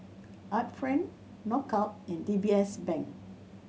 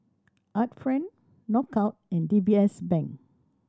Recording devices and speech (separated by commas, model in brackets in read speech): mobile phone (Samsung C7100), standing microphone (AKG C214), read sentence